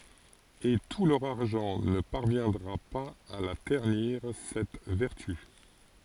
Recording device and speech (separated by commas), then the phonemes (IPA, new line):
forehead accelerometer, read sentence
e tu lœʁ aʁʒɑ̃ nə paʁvjɛ̃dʁa paz a la tɛʁniʁ sɛt vɛʁty